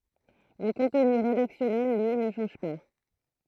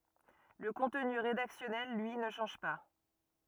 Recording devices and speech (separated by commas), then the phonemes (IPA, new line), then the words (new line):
throat microphone, rigid in-ear microphone, read sentence
lə kɔ̃tny ʁedaksjɔnɛl lyi nə ʃɑ̃ʒ pa
Le contenu rédactionnel, lui, ne change pas.